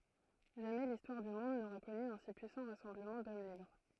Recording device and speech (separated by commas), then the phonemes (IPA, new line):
throat microphone, read sentence
ʒamɛ listwaʁ dy mɔ̃d noʁa kɔny œ̃ si pyisɑ̃ ʁasɑ̃bləmɑ̃ dɔm libʁ